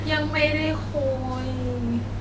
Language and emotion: Thai, sad